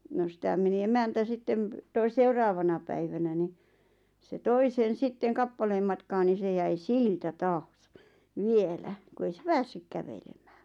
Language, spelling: Finnish, no sitä meni emäntä sitten - seuraavana päivänä niin se toi sen sitten kappaleen matkaa niin se jäi siltä taas vielä kun ei se päässyt kävelemään
- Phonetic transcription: no 'sⁱtä meni "emäntä 'sitteᵐ , toi- "seuraavana päivänä ni , se 'toi sen̬ 'sitteŋ "kappaleem matkaa ni se jäi "siltä "taas , "vielä , ku 'ei se "päässyk 'kävelemᴀ̈ᴀ̈ .

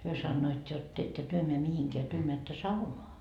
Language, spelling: Finnish, he sanoivat jotta ette te mene mihinkään te menette saunaan
- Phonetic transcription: hyö 'sannoit jot » ettö 'työ meä 'mihiŋkeä , työ meättö "saunoa .

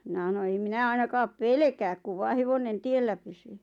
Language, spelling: Finnish, minä sanoin en minä ainakaan pelkää kun vain hevonen tiellä pysyy
- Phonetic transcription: minä ʰano » em "minä 'ainakaap "pelᵉkääk kuv 'vaa 'hevonen "tiellä pysyy « .

